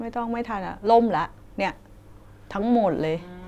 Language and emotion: Thai, frustrated